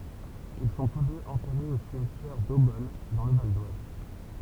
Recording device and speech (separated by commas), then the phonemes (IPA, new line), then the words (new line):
temple vibration pickup, read sentence
il sɔ̃ tus døz ɑ̃tɛʁez o simtjɛʁ dobɔn dɑ̃ lə valdwaz
Ils sont tous deux enterrés au cimetière d'Eaubonne, dans le Val-d'Oise.